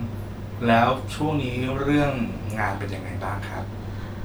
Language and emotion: Thai, neutral